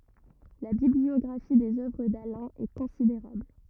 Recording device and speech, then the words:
rigid in-ear microphone, read sentence
La bibliographie des œuvres d’Alain est considérable.

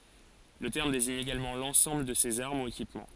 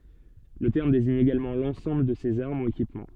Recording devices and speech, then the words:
forehead accelerometer, soft in-ear microphone, read sentence
Le terme désigne également l'ensemble de ces armes ou équipements.

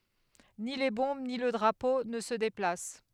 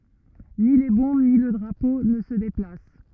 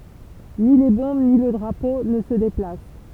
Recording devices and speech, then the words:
headset microphone, rigid in-ear microphone, temple vibration pickup, read sentence
Ni les Bombes ni le Drapeau ne se déplacent.

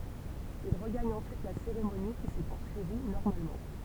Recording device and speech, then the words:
temple vibration pickup, read sentence
Il regagne ensuite la cérémonie, qui s'est poursuivie normalement.

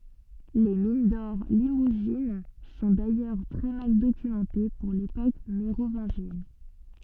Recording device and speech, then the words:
soft in-ear microphone, read sentence
Les mines d'or limousines sont d'ailleurs très mal documentées pour l'époque mérovingienne.

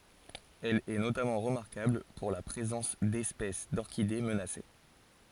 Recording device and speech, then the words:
forehead accelerometer, read sentence
Elle est notamment remarquable pour la présence d'espèces d'orchidées menacées.

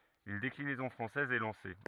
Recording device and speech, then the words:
rigid in-ear microphone, read sentence
Une déclinaison française est lancée.

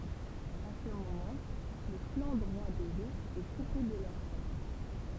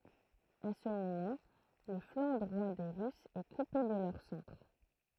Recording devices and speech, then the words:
temple vibration pickup, throat microphone, read sentence
À ce moment, le flanc droit des Russes est coupé de leur centre.

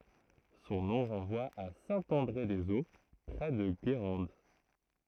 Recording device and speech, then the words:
throat microphone, read sentence
Son nom renvoie à Saint-André-des-Eaux, près de Guérande.

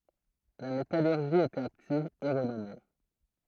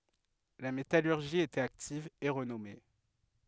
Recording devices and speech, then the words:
throat microphone, headset microphone, read sentence
La métallurgie y était active et renommée.

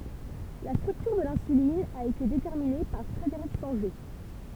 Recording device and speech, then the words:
temple vibration pickup, read sentence
La structure de l'insuline a été déterminée par Frederick Sanger.

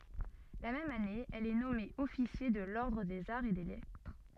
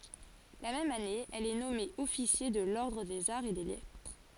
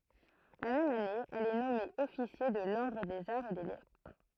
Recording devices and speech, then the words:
soft in-ear microphone, forehead accelerometer, throat microphone, read sentence
La même année, elle est nommée officier de l'ordre des Arts et des Lettres.

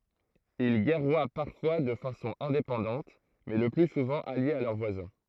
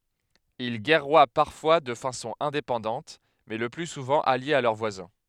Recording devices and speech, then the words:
throat microphone, headset microphone, read sentence
Ils guerroient parfois de façon indépendante, mais le plus souvent alliés à leurs voisins.

